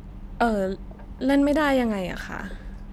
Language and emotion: Thai, frustrated